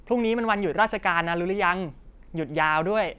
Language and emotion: Thai, happy